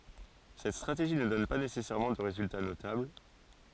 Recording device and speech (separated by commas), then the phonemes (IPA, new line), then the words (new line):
forehead accelerometer, read sentence
sɛt stʁateʒi nə dɔn pa nesɛsɛʁmɑ̃ də ʁezylta notabl
Cette stratégie ne donne pas nécessairement de résultat notable.